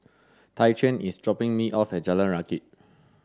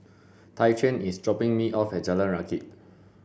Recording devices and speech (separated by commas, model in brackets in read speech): standing microphone (AKG C214), boundary microphone (BM630), read sentence